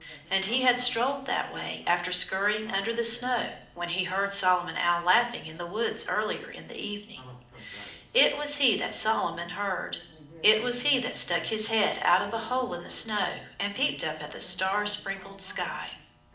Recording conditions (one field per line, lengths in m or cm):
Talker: one person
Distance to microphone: 2.0 m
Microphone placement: close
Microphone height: 99 cm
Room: medium-sized (5.7 m by 4.0 m)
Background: television